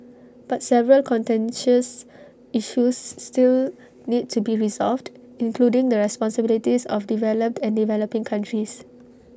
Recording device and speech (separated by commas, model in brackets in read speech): standing microphone (AKG C214), read sentence